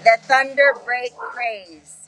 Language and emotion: English, sad